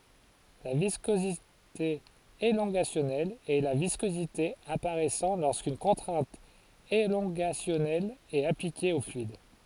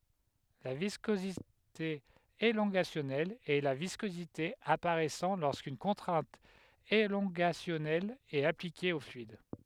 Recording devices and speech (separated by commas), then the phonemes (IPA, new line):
forehead accelerometer, headset microphone, read sentence
la viskozite elɔ̃ɡasjɔnɛl ɛ la viskozite apaʁɛsɑ̃ loʁskyn kɔ̃tʁɛ̃t elɔ̃ɡasjɔnɛl ɛt aplike o flyid